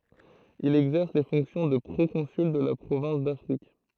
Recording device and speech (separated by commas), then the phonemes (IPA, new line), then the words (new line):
throat microphone, read sentence
il ɛɡzɛʁs le fɔ̃ksjɔ̃ də pʁokɔ̃syl də la pʁovɛ̃s dafʁik
Il exerce les fonctions de proconsul de la province d'Afrique.